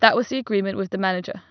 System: none